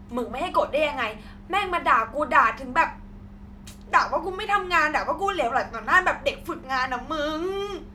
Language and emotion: Thai, angry